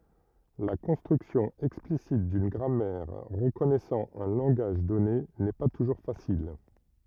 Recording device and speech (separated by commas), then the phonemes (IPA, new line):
rigid in-ear microphone, read sentence
la kɔ̃stʁyksjɔ̃ ɛksplisit dyn ɡʁamɛʁ ʁəkɔnɛsɑ̃ œ̃ lɑ̃ɡaʒ dɔne nɛ pa tuʒuʁ fasil